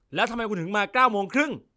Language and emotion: Thai, angry